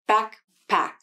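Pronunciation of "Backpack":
'Backpack' is said slowly, and the k sound at the end of 'back' has a mini release before the p of 'pack'.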